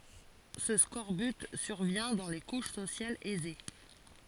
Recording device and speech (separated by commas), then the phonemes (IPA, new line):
forehead accelerometer, read sentence
sə skɔʁbyt syʁvjɛ̃ dɑ̃ le kuʃ sosjalz ɛze